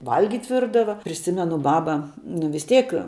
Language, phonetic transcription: Lithuanian, ˈvalgit' ˈvirdava priˈsimenu ˈbaba nu vis ˈteik

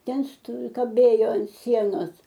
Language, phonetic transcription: Lithuanian, ˈten sto kaˈbėjo an ˈsienos

